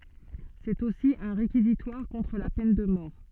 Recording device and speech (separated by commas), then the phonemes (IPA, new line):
soft in-ear microphone, read sentence
sɛt osi œ̃ ʁekizitwaʁ kɔ̃tʁ la pɛn də mɔʁ